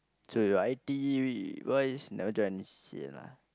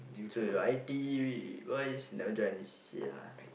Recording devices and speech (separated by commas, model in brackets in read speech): close-talking microphone, boundary microphone, conversation in the same room